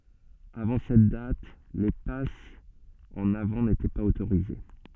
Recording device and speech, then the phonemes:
soft in-ear microphone, read sentence
avɑ̃ sɛt dat le pasz ɑ̃n avɑ̃ netɛ paz otoʁize

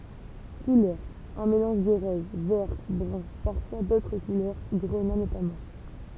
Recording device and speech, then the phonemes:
temple vibration pickup, read sentence
kulœʁz œ̃ melɑ̃ʒ də ʁɔz vɛʁ bʁœ̃ paʁfwa dotʁ kulœʁ ɡʁəna notamɑ̃

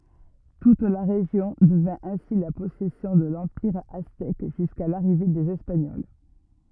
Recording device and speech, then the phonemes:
rigid in-ear microphone, read sentence
tut la ʁeʒjɔ̃ dəvɛ̃ ɛ̃si la pɔsɛsjɔ̃ də lɑ̃piʁ aztɛk ʒyska laʁive dez ɛspaɲɔl

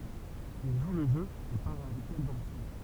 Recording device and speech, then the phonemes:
temple vibration pickup, read sentence
il ʒu lə ʒø e paʁ avɛk ɛl dɑ̃ lə syd

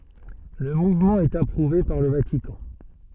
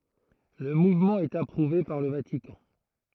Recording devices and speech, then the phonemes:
soft in-ear microphone, throat microphone, read sentence
lə muvmɑ̃ ɛt apʁuve paʁ lə vatikɑ̃

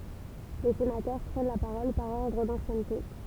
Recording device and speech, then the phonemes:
temple vibration pickup, read sentence
le senatœʁ pʁɛn la paʁɔl paʁ ɔʁdʁ dɑ̃sjɛnte

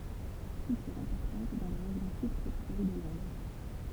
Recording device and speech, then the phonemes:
temple vibration pickup, read sentence
kyltyʁ ɛ̃pɔʁtɑ̃t dɑ̃ le ʁeʒjɔ̃ sybtʁopikal də lɛ̃d

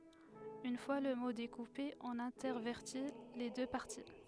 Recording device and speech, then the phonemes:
headset microphone, read sentence
yn fwa lə mo dekupe ɔ̃n ɛ̃tɛʁvɛʁti le dø paʁti

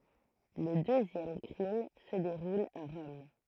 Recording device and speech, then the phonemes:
throat microphone, read sentence
lə døzjɛm kʁim sə deʁul a ʁɔm

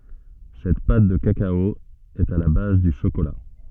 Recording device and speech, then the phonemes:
soft in-ear microphone, read sentence
sɛt pat də kakao ɛt a la baz dy ʃokola

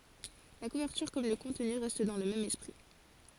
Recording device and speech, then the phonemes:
forehead accelerometer, read sentence
la kuvɛʁtyʁ kɔm lə kɔ̃tny ʁɛst dɑ̃ lə mɛm ɛspʁi

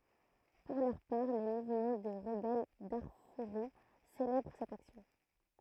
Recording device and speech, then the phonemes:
throat microphone, read sentence
puʁ lœʁ paʁ le muvmɑ̃ də ʁəbɛl daʁfuʁi selɛbʁ sɛt aksjɔ̃

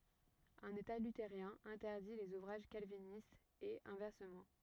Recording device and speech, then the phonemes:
rigid in-ear microphone, read sentence
œ̃n eta lyteʁjɛ̃ ɛ̃tɛʁdi lez uvʁaʒ kalvinistz e ɛ̃vɛʁsəmɑ̃

